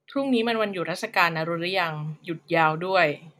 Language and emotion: Thai, frustrated